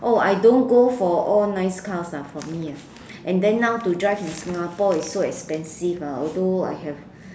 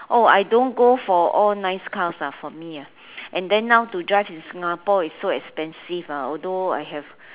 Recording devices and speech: standing microphone, telephone, conversation in separate rooms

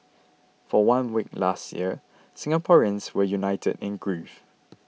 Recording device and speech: mobile phone (iPhone 6), read sentence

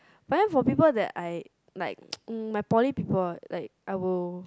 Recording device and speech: close-talking microphone, conversation in the same room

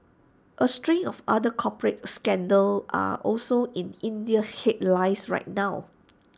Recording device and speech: standing microphone (AKG C214), read sentence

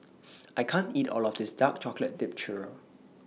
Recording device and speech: mobile phone (iPhone 6), read sentence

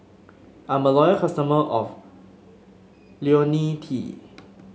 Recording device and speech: mobile phone (Samsung S8), read sentence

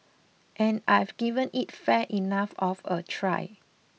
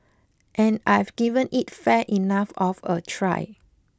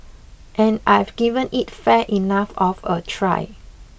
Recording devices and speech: mobile phone (iPhone 6), close-talking microphone (WH20), boundary microphone (BM630), read sentence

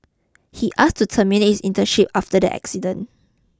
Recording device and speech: close-talking microphone (WH20), read sentence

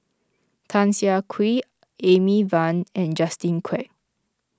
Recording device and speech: close-talking microphone (WH20), read sentence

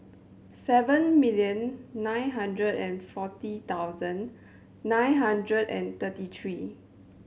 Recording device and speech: mobile phone (Samsung C7100), read sentence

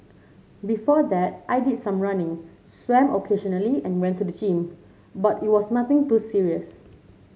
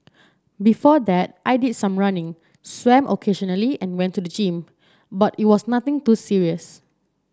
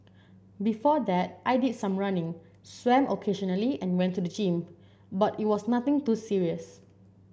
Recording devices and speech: mobile phone (Samsung C7), standing microphone (AKG C214), boundary microphone (BM630), read sentence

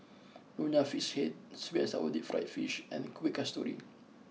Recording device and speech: mobile phone (iPhone 6), read sentence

